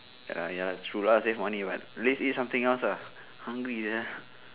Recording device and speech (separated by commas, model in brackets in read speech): telephone, conversation in separate rooms